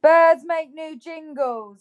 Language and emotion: English, sad